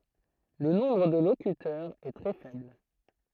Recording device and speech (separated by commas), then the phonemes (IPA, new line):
throat microphone, read sentence
lə nɔ̃bʁ də lokytœʁz ɛ tʁɛ fɛbl